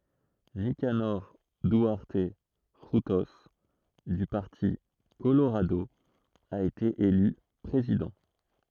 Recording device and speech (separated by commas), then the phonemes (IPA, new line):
throat microphone, read sentence
nikanɔʁ dyaʁt fʁyto dy paʁti koloʁado a ete ely pʁezidɑ̃